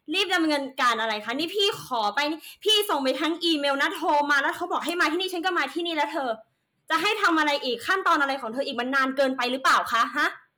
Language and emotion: Thai, angry